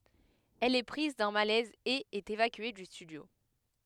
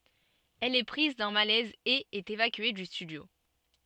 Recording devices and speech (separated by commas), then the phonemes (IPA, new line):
headset microphone, soft in-ear microphone, read sentence
ɛl ɛ pʁiz dœ̃ malɛz e ɛt evakye dy stydjo